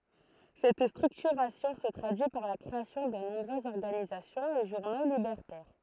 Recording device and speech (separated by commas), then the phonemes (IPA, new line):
throat microphone, read sentence
sɛt stʁyktyʁasjɔ̃ sə tʁadyi paʁ la kʁeasjɔ̃ də nɔ̃bʁøzz ɔʁɡanizasjɔ̃z e ʒuʁno libɛʁtɛʁ